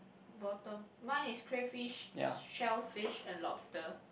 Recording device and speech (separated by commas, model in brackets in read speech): boundary microphone, conversation in the same room